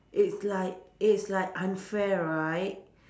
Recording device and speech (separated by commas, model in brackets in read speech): standing microphone, conversation in separate rooms